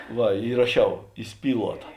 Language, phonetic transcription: Lithuanian, ˈva įraˈšiau įˈspyluota

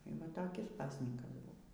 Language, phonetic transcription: Lithuanian, y ˈva toˈkis ˈpasnykas ˈbuvo

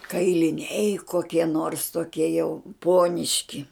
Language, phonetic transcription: Lithuanian, kailiˈniai koˈkie nors toˈkie jau ˈpuoniški

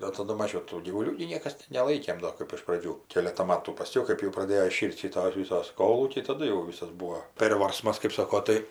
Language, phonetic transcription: Lithuanian, o taˈdu ˈmažiau ˈtų gyvuˈlių gi ˈniekas neˈlaikėm ˈdo kɜp iš praˈdžių ˈkėleta ˈmatų paˈskiau ˈkɜp jau praˈdėjo iˈšyr't' ˈšitos ˈvisos ˈkolūkiai taˈdu jau ˈvisas ˈbūo ˈpėrvarsmas kɜp ˈsako ˈtai

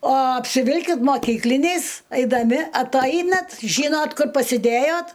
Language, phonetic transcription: Lithuanian, o apsiˈvilkit moˈkykliniais aidaˈmi atˈainat ˈžynot ˈkur pasiˈdėjot

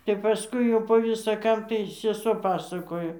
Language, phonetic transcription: Lithuanian, tep paˈskui jau po visa ˈkam tai seˈsuo ˈpasakojo

